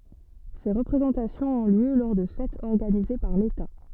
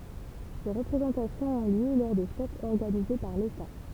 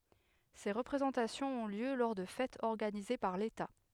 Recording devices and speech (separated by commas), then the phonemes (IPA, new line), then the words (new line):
soft in-ear microphone, temple vibration pickup, headset microphone, read sentence
se ʁəpʁezɑ̃tasjɔ̃z ɔ̃ ljø lɔʁ də fɛtz ɔʁɡanize paʁ leta
Ces représentations ont lieu lors de fêtes organisées par l'État.